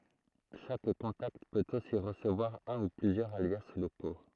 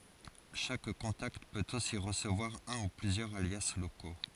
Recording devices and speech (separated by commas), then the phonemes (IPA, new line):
throat microphone, forehead accelerometer, read sentence
ʃak kɔ̃takt pøt osi ʁəsəvwaʁ œ̃ u plyzjœʁz alja loko